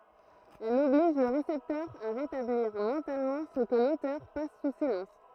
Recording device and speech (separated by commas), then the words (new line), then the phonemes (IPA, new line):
throat microphone, read sentence
Elle oblige le récepteur à rétablir mentalement ce que l’auteur passe sous silence.
ɛl ɔbliʒ lə ʁesɛptœʁ a ʁetabliʁ mɑ̃talmɑ̃ sə kə lotœʁ pas su silɑ̃s